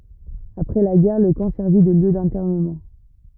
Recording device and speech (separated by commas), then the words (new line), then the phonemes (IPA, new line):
rigid in-ear microphone, read sentence
Après la guerre, le camp servit de lieu d'internement.
apʁɛ la ɡɛʁ lə kɑ̃ sɛʁvi də ljø dɛ̃tɛʁnəmɑ̃